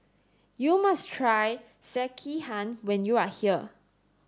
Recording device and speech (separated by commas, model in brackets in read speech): standing microphone (AKG C214), read sentence